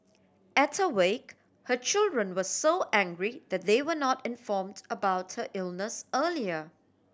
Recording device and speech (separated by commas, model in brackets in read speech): standing microphone (AKG C214), read sentence